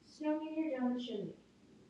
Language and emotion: English, neutral